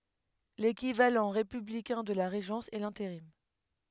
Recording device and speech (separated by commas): headset microphone, read sentence